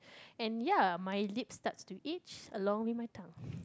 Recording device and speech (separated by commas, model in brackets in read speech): close-talking microphone, conversation in the same room